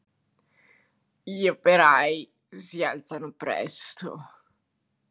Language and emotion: Italian, disgusted